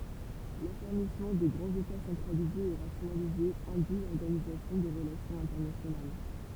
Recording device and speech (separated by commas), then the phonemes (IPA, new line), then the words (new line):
temple vibration pickup, read sentence
lafɛʁmismɑ̃ də ɡʁɑ̃z eta sɑ̃tʁalizez e ʁasjonalizez ɛ̃dyi lɔʁɡanizasjɔ̃ də ʁəlasjɔ̃z ɛ̃tɛʁnasjonal
L'affermissement de grands États centralisés et rationalisés induit l'organisation de relations internationales.